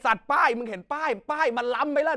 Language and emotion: Thai, angry